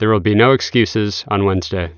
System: none